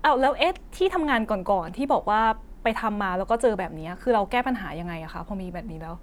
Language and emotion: Thai, neutral